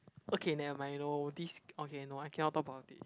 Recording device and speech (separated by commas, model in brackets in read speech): close-talking microphone, conversation in the same room